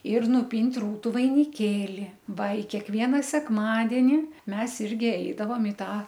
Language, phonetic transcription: Lithuanian, ir nuˈpynt' ˈrūtu vainiˈkėli ˈva i kekˈviena sekˈmadeni ˈmes ˈirgi ˈeidavom i ˈtą

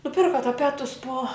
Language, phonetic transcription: Lithuanian, nuˈpirka taˈpetus po

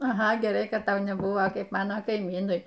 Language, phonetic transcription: Lithuanian, aˈha geˈrai kad ˈtau neˈbuo ˈkaip ˈmano kaiˈmynui

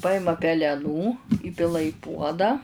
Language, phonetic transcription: Lithuanian, ˈpaima peleˈnų ˈįpila i ˈpuodą

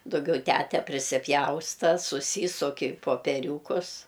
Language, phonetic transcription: Lithuanian, duˈgiau ˈtæte prisiˈpjausta suˈsysuk i popeˈriūkus

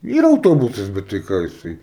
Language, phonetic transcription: Lithuanian, ˈyra auˈtobusas bet tai ˈką jiˈsai

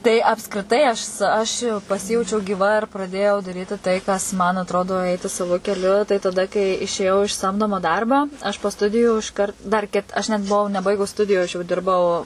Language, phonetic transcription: Lithuanian, tai apskriˈtai ˈašs ˈaš i paˈsijaučiau gyˈva ir praˈdėjau daˈryti tai kas man atˈrodo ˈeiti saˈvu keˈliu tai taˈda kai išėˈjau iš ˈsamdomo ˈdarbo aš po ˈstudijų išˈkart dar ˈkit aš net buˈvau neˈbaigus ˈstudiju aš jau ˈdirbau

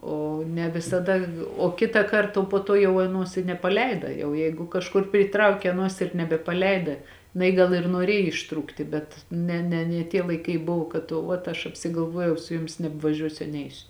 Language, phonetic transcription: Lithuanian, ˈo ne visaˈda o ˈkitąˌkart po ˈtuo jau aˈnuos i nepaˈleida jau ˈjeigu kažˈkur pryˈtraukia aˈnuos ir nebepaˈleida jiˈnai ˈgal ir nuoˈrėj išˈtrūkti ˈbet ˈne ne nie ˈtie laiˈkai ˈbuvo kad o ˈvat aš apsigalˈvuojau ˈsu ˈjumis nebvaˈžiuosiu a ˈneisiu

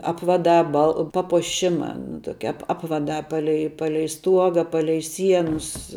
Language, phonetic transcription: Lithuanian, ˈapvadā bal papuoˈšima nu ˈtokia ˈapvadā ˈpalei ˈpalei ˈstuoga ˈpalei ˈsienus

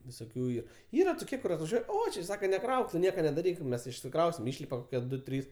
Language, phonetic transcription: Lithuanian, visoˈkių ˈyr ˈyra toˈkie kur atvaˈžiuoj ˈo či ˈsaka neˈkrauk tu ˈnieka nedaˈryk ˈmes išsikˈrausim ˈišlipa ˈdu ˈtrys

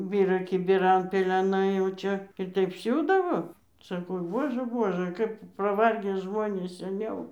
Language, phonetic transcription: Lithuanian, ˈbyra kibiˈran peleˈnai jau ˈčia ir ˈtaip ˈsiūdavo saˈkau ˈbuožɘ ˈbuožɘ ˈkap paˈvargė ˈžmonės seˈniau

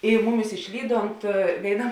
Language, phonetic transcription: Lithuanian, i ˈmuˌmis išˈlyˌdont vėiˈna

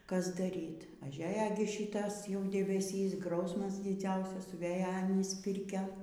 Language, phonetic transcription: Lithuanian, ˈkas daˈryt' aˈžeja gi ˈšytas jau debeˈsys ˈgrausmas diˈdziausas suˈvėja aˈnys ˈpirkia

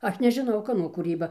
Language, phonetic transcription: Lithuanian, ˈaš nežiˈnau ˈkano kūˈryba

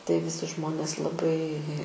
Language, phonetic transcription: Lithuanian, tai viˈsi ˈžmonės laˈbai

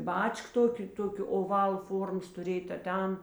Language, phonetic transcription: Lithuanian, ˈbačk ˈtokė ˈtokio oˈval ˈformos tuˈrėj ta ˈten

